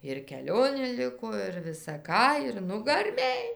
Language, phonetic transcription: Lithuanian, ir keˈlionė ˈliko ir visa ˈką ir nugarˈmėj

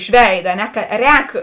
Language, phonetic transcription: Lithuanian, iš ˈveida a ˈne ˈka ˈrēk

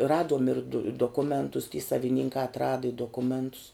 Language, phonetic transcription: Lithuanian, ˈraduom ir du doˈkumentus ty saviˈninkā atˈrada i doˈkumentus

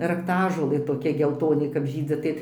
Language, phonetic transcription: Lithuanian, rakˈtažolɘ toˈkia gelˈtoni kap ˈžydzi tai

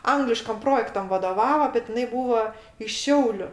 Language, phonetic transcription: Lithuanian, ˈangliškam ˈprojektam vadoˈvavo bet iˈnai ˈbūvo iš ˈšiauliu

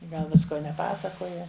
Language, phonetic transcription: Lithuanian, ˈgal ˈvisko neˈpasakoja

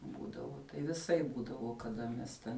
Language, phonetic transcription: Lithuanian, ˈbūdavo tai viˈsaip ˈbūdavo kaˈda mes ˈten

